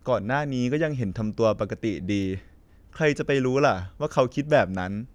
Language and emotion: Thai, neutral